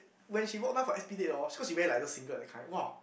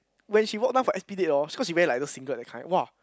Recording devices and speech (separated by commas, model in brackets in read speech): boundary microphone, close-talking microphone, conversation in the same room